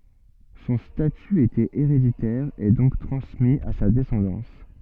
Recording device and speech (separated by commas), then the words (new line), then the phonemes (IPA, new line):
soft in-ear microphone, read sentence
Son statut était héréditaire et donc transmis à sa descendance.
sɔ̃ staty etɛt eʁeditɛʁ e dɔ̃k tʁɑ̃smi a sa dɛsɑ̃dɑ̃s